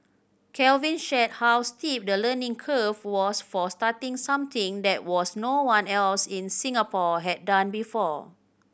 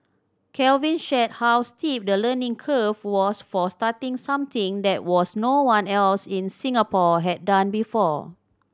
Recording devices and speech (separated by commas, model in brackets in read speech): boundary microphone (BM630), standing microphone (AKG C214), read sentence